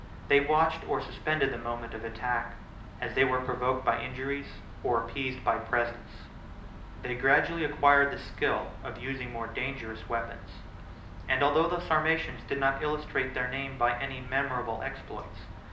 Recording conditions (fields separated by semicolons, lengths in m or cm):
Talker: one person; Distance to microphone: 2.0 m; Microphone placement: close; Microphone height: 99 cm; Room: medium-sized (5.7 m by 4.0 m); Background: none